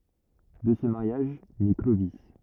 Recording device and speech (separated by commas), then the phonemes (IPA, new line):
rigid in-ear microphone, read sentence
də sə maʁjaʒ nɛ klovi